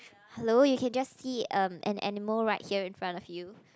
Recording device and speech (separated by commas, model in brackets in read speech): close-talking microphone, conversation in the same room